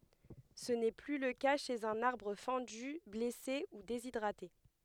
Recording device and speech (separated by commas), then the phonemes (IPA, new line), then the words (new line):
headset microphone, read sentence
sə nɛ ply lə ka ʃez œ̃n aʁbʁ fɑ̃dy blɛse u dezidʁate
Ce n'est plus le cas chez un arbre fendu, blessé ou déshydraté.